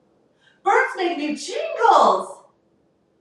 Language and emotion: English, happy